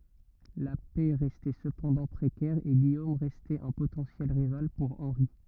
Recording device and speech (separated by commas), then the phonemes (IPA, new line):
rigid in-ear microphone, read sentence
la pɛ ʁɛstɛ səpɑ̃dɑ̃ pʁekɛʁ e ɡijom ʁɛstɛt œ̃ potɑ̃sjɛl ʁival puʁ ɑ̃ʁi